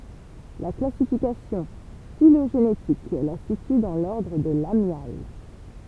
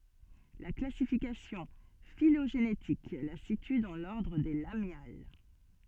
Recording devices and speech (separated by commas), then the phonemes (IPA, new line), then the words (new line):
temple vibration pickup, soft in-ear microphone, read sentence
la klasifikasjɔ̃ filoʒenetik la sity dɑ̃ lɔʁdʁ de lamjal
La classification phylogénétique la situe dans l'ordre des Lamiales.